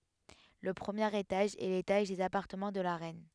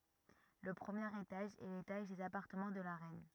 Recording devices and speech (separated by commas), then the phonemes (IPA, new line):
headset microphone, rigid in-ear microphone, read sentence
lə pʁəmjeʁ etaʒ ɛ letaʒ dez apaʁtəmɑ̃ də la ʁɛn